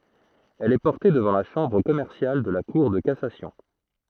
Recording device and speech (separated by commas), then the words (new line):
throat microphone, read sentence
Elle est portée devant la chambre commerciale de la cour de cassation.